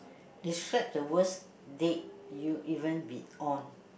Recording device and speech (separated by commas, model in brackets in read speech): boundary microphone, conversation in the same room